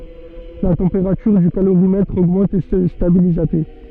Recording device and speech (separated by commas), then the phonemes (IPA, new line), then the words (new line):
soft in-ear microphone, read sentence
la tɑ̃peʁatyʁ dy kaloʁimɛtʁ oɡmɑ̃t e sə stabiliz a te
La température du calorimètre augmente et se stabilise à t.